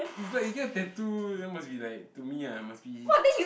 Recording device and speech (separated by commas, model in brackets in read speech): boundary microphone, conversation in the same room